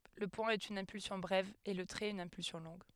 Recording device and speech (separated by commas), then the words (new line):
headset microphone, read sentence
Le point est une impulsion brève et le trait une impulsion longue.